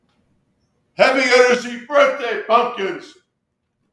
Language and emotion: English, sad